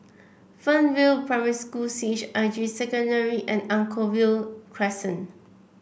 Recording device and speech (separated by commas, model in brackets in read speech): boundary microphone (BM630), read sentence